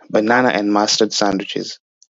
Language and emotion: English, happy